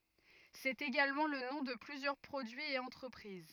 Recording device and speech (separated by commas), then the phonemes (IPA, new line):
rigid in-ear microphone, read sentence
sɛt eɡalmɑ̃ lə nɔ̃ də plyzjœʁ pʁodyiz e ɑ̃tʁəpʁiz